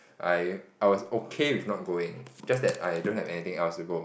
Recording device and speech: boundary microphone, conversation in the same room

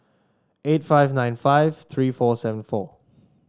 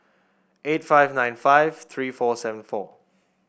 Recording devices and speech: standing microphone (AKG C214), boundary microphone (BM630), read sentence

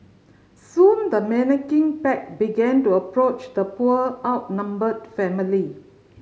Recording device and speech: mobile phone (Samsung C5010), read sentence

